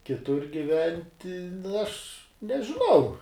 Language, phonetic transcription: Lithuanian, kiˈtur giˈventi nu aš nežiˈnau

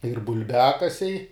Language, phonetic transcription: Lithuanian, ir bul'ˈbiakasiai

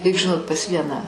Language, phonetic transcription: Lithuanian, reik žiˈnot pas ˈvieną

